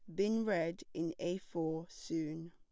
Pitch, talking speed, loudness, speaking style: 170 Hz, 155 wpm, -38 LUFS, plain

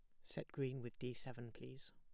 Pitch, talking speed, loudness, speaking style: 125 Hz, 210 wpm, -49 LUFS, plain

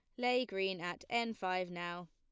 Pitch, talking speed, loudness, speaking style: 185 Hz, 190 wpm, -37 LUFS, plain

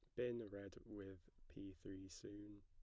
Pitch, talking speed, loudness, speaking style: 100 Hz, 150 wpm, -53 LUFS, plain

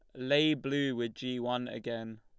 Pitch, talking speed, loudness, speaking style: 125 Hz, 180 wpm, -33 LUFS, Lombard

